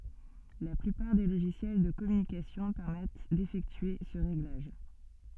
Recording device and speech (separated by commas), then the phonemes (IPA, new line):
soft in-ear microphone, read sentence
la plypaʁ de loʒisjɛl də kɔmynikasjɔ̃ pɛʁmɛt defɛktye sə ʁeɡlaʒ